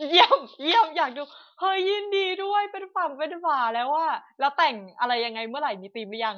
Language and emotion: Thai, happy